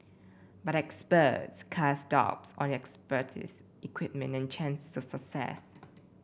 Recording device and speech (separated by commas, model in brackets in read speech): boundary microphone (BM630), read sentence